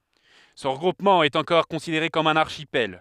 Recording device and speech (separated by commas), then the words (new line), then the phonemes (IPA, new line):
headset microphone, read sentence
Ce regroupement est encore considéré comme un archipel.
sə ʁəɡʁupmɑ̃ ɛt ɑ̃kɔʁ kɔ̃sideʁe kɔm œ̃n aʁʃipɛl